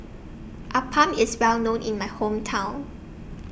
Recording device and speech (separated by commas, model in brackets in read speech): boundary microphone (BM630), read sentence